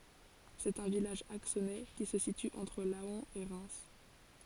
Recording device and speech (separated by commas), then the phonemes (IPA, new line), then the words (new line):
forehead accelerometer, read sentence
sɛt œ̃ vilaʒ aksonɛ ki sə sity ɑ̃tʁ lɑ̃ e ʁɛm
C'est un village axonais qui se situe entre Laon et Reims.